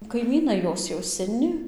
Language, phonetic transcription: Lithuanian, kaiˈmynai ˈjos jau seˈni

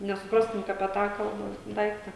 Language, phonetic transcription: Lithuanian, nesuˈprastum ka apie ˈtą ˈkalba ˈdaikta

